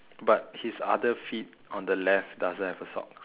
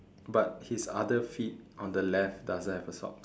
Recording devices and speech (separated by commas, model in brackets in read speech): telephone, standing microphone, conversation in separate rooms